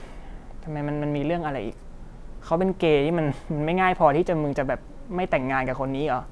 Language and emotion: Thai, frustrated